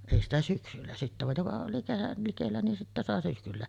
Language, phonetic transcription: Finnish, 'èi ‿stä 'syksyllä sittä vaj joka oli kerral 'likellä ni sittä 'sàe 'syksyllä .
- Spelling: ei sitä syksyllä sitten vaan joka oli kerran likellä niin sitten sai syksyllä

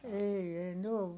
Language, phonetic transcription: Finnish, ei ei ne o ,.
- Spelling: ei ei ne on

